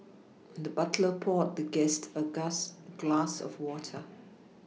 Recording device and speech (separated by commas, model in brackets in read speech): mobile phone (iPhone 6), read sentence